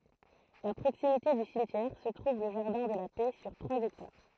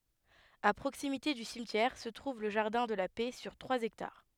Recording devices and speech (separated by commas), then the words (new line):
throat microphone, headset microphone, read sentence
À proximité du cimetière se trouve le jardin de la Paix sur trois hectares.